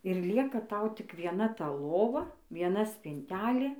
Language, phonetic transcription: Lithuanian, ir ˈlieka ˈtau tik vieˈna ta ˈlova vieˈna spinˈtelė

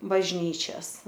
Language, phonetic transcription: Lithuanian, bažˈnyčias

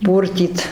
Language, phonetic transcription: Lithuanian, ˈpūrtyt

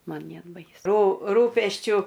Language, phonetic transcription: Lithuanian, ˈman ˈnėt ˈbaisu rū ˈrūpesčiu

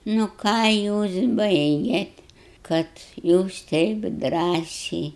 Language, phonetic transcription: Lithuanian, nu ˈką ˈjūs ˈbaigėt kad ˈjūs ˈteip ˈdrąsiai

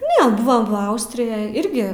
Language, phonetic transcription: Lithuanian, ne ˈbuvam va ˈaustrijaj ˈirgi

